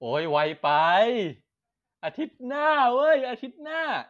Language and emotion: Thai, happy